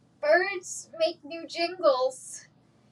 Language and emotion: English, fearful